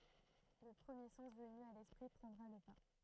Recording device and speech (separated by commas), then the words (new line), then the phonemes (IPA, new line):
throat microphone, read sentence
Le premier sens venu à l'esprit prendra le pas.
lə pʁəmje sɑ̃s vəny a lɛspʁi pʁɑ̃dʁa lə pa